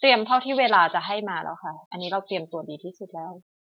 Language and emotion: Thai, frustrated